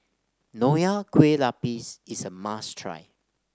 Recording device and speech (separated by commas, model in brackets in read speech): standing microphone (AKG C214), read sentence